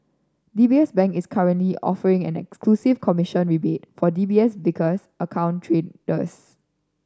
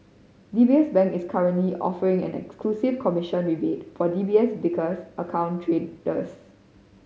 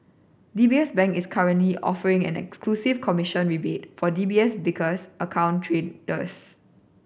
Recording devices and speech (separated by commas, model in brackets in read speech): standing microphone (AKG C214), mobile phone (Samsung C5010), boundary microphone (BM630), read sentence